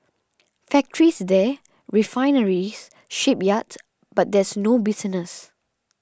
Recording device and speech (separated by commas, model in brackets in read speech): standing microphone (AKG C214), read sentence